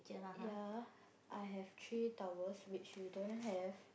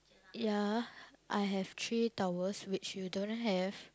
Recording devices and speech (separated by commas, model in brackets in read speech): boundary microphone, close-talking microphone, conversation in the same room